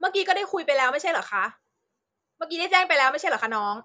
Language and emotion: Thai, angry